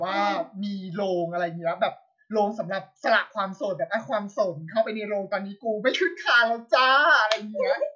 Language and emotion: Thai, happy